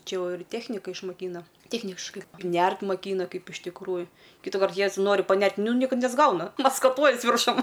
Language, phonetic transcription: Lithuanian, ˈčia ˈjau ir ˈtėchnika išmaˈkyna ˈtėchniškai ˈnært maˈkyna ˈkaip iš tikˈrųju kytuˈkart ˈjez ˈnori paˈnert' ˈnu ni ˈkad nesˈgauna maskaˈtuojies virˈšum

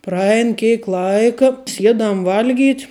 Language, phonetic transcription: Lithuanian, praˈein ˈkėk ˈlaika ˈsiedam ˈvalˌgyt'

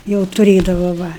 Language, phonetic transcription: Lithuanian, jau tuˈrėdava va

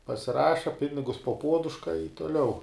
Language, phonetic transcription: Lithuanian, pasiˈraša ˈpinigus po ˈpuoduška i toˈliau

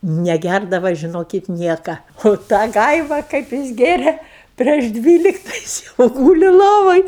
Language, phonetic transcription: Lithuanian, neˈgærdava žiˈnokit ˈnieka o ˈtą ˈgaiva kaip ˈjis ˈgėrė prieš ˈdvylikta ˈjis jau ˈgūli ˈlovoj

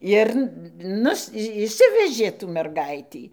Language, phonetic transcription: Lithuanian, ˈir ˈnus išˈsivežė tų merˈgaitį

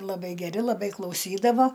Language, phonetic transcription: Lithuanian, laˈbai geˈri laˈbai klauˈsydavo

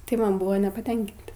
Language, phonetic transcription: Lithuanian, tai ˈman ˈbuvo nepaˈtenkinti

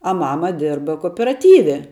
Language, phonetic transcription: Lithuanian, a ˈmama ˈdirba kooperaˈtyve

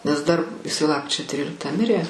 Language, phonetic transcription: Lithuanian, nes dar iˈsai ˈlapkričio ˈtryliktą ˈmirė

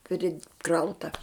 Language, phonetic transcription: Lithuanian, priˈkrauta

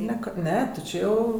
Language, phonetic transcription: Lithuanian, ˈne ˈka ˈne ti ˈčė jau

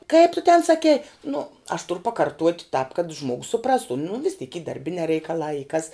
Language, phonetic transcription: Lithuanian, kaip tu ten saˈkei nu aš turu pakarˈtuot' tāp kad ˈžmuogus suˈprastu nu vis tyk y darˈbinē reikaˈlā y kas

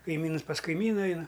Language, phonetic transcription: Lithuanian, kaiˈmynus pas kaiˈmyna ˈaina

